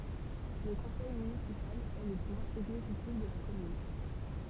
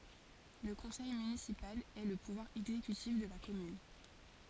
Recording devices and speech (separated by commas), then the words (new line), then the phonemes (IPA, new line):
temple vibration pickup, forehead accelerometer, read sentence
Le conseil municipal est le pouvoir exécutif de la commune.
lə kɔ̃sɛj mynisipal ɛ lə puvwaʁ ɛɡzekytif də la kɔmyn